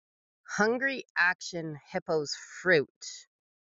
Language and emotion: English, disgusted